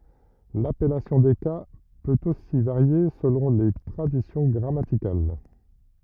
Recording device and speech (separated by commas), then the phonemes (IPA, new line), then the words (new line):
rigid in-ear microphone, read sentence
lapɛlasjɔ̃ de ka pøt osi vaʁje səlɔ̃ le tʁadisjɔ̃ ɡʁamatikal
L'appellation des cas peut aussi varier selon les traditions grammaticales.